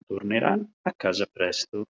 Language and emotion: Italian, neutral